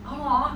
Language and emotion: Thai, happy